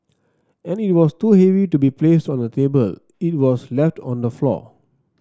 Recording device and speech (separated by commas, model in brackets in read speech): standing microphone (AKG C214), read sentence